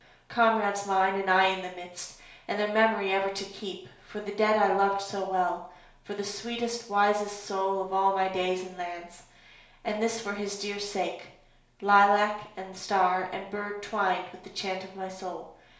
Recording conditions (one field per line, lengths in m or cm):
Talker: one person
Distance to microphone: 1.0 m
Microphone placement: close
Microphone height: 1.1 m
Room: small (3.7 m by 2.7 m)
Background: none